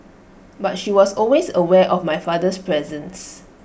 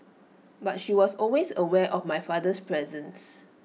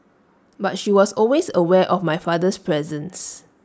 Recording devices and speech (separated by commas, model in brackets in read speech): boundary microphone (BM630), mobile phone (iPhone 6), standing microphone (AKG C214), read sentence